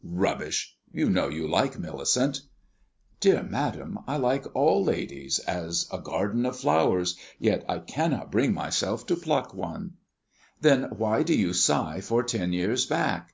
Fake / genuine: genuine